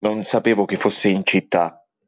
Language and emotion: Italian, angry